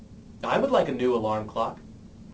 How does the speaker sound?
neutral